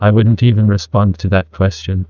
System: TTS, neural waveform model